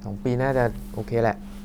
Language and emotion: Thai, frustrated